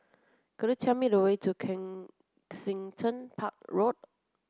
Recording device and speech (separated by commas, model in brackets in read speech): close-talking microphone (WH30), read sentence